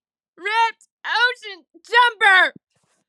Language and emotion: English, disgusted